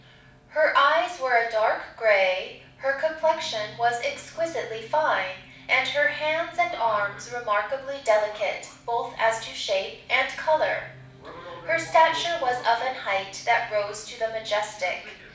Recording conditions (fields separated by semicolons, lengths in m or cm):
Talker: one person; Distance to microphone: 5.8 m; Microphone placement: far; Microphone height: 1.8 m; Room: medium-sized (5.7 m by 4.0 m); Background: television